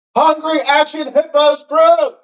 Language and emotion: English, disgusted